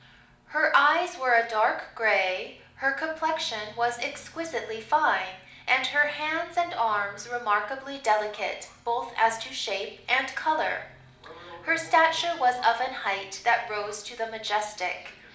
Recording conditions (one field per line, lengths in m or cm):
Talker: one person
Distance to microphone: 2.0 m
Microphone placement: close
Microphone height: 99 cm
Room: medium-sized (5.7 m by 4.0 m)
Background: television